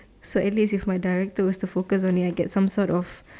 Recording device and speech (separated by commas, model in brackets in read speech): standing microphone, conversation in separate rooms